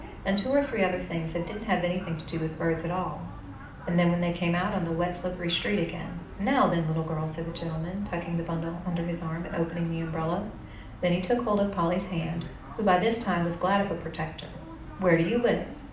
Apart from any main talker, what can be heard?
A television.